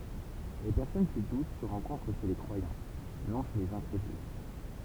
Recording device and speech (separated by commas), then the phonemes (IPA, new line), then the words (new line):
temple vibration pickup, read sentence
le pɛʁsɔn ki dut sə ʁɑ̃kɔ̃tʁ ʃe le kʁwajɑ̃ nɔ̃ ʃe lez ɛ̃kʁedyl
Les personnes qui doutent se rencontrent chez les croyants, non chez les incrédules.